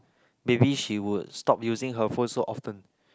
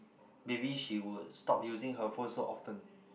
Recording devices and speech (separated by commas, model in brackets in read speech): close-talking microphone, boundary microphone, conversation in the same room